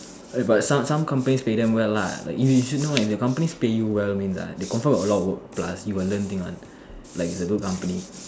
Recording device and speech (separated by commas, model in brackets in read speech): standing microphone, conversation in separate rooms